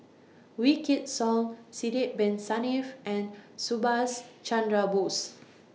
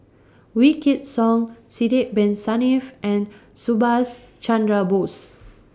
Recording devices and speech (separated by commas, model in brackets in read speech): mobile phone (iPhone 6), standing microphone (AKG C214), read sentence